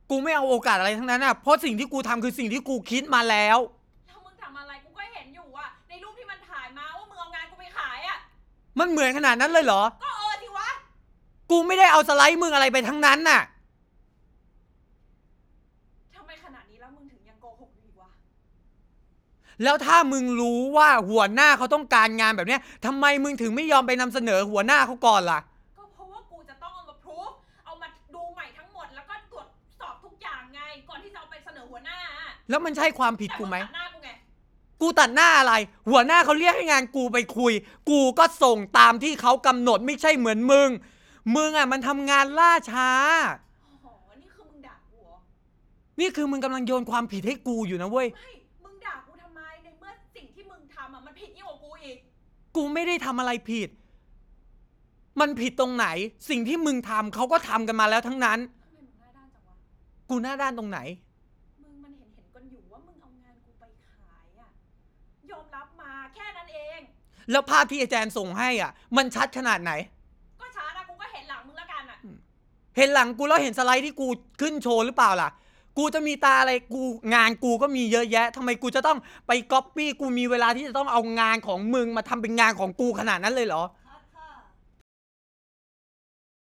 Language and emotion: Thai, angry